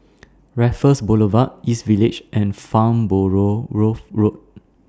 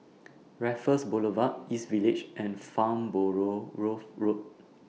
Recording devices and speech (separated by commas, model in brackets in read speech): standing microphone (AKG C214), mobile phone (iPhone 6), read sentence